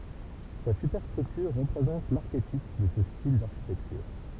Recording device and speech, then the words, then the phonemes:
temple vibration pickup, read sentence
Sa superstructure représente l'archétype de ce style d'architecture.
sa sypɛʁstʁyktyʁ ʁəpʁezɑ̃t laʁketip də sə stil daʁʃitɛktyʁ

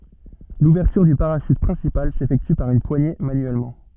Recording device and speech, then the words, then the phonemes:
soft in-ear microphone, read sentence
L'ouverture du parachute principal s'effectue par une poignée manuellement.
luvɛʁtyʁ dy paʁaʃyt pʁɛ̃sipal sefɛkty paʁ yn pwaɲe manyɛlmɑ̃

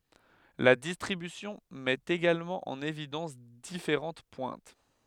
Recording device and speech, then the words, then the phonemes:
headset microphone, read sentence
La distribution met également en évidence différentes pointes.
la distʁibysjɔ̃ mɛt eɡalmɑ̃ ɑ̃n evidɑ̃s difeʁɑ̃t pwɛ̃t

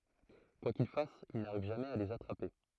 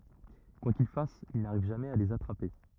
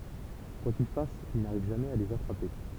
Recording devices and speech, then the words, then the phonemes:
throat microphone, rigid in-ear microphone, temple vibration pickup, read sentence
Quoi qu'il fasse, il n'arrive jamais à les attraper.
kwa kil fas il naʁiv ʒamɛz a lez atʁape

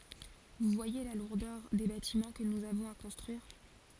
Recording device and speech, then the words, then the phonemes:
forehead accelerometer, read sentence
Vous voyez la lourdeur des bâtiments que nous avons à construire.
vu vwaje la luʁdœʁ de batimɑ̃ kə nuz avɔ̃z a kɔ̃stʁyiʁ

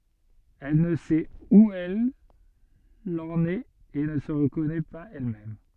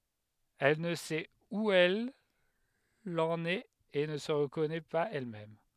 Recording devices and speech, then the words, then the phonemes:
soft in-ear microphone, headset microphone, read sentence
Elle ne sait où elle en est et ne se reconnaît pas elle-même.
ɛl nə sɛt u ɛl ɑ̃n ɛt e nə sə ʁəkɔnɛ paz ɛlmɛm

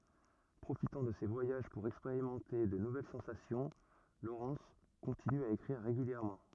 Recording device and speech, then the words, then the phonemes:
rigid in-ear microphone, read sentence
Profitant de ses voyages pour expérimenter de nouvelles sensations, Lawrence continue à écrire régulièrement.
pʁofitɑ̃ də se vwajaʒ puʁ ɛkspeʁimɑ̃te də nuvɛl sɑ̃sasjɔ̃ lowʁɛns kɔ̃tiny a ekʁiʁ ʁeɡyljɛʁmɑ̃

